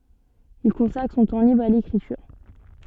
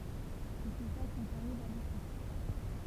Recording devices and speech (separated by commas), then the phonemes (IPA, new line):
soft in-ear microphone, temple vibration pickup, read sentence
il kɔ̃sakʁ sɔ̃ tɑ̃ libʁ a lekʁityʁ